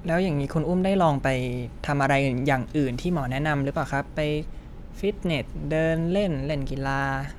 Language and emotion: Thai, neutral